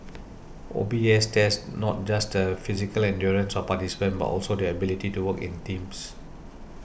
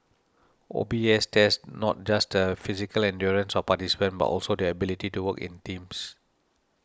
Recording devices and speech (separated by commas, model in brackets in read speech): boundary microphone (BM630), standing microphone (AKG C214), read sentence